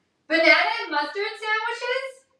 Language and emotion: English, happy